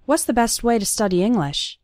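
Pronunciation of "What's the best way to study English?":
'What's' sounds more like 'was', and the t at the end of 'best' disappears. 'To' becomes 'ta' and is just barely pronounced.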